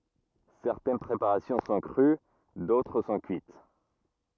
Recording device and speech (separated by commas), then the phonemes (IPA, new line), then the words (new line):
rigid in-ear microphone, read sentence
sɛʁtɛn pʁepaʁasjɔ̃ sɔ̃ kʁy dotʁ sɔ̃ kyit
Certaines préparations sont crues, d'autres sont cuites.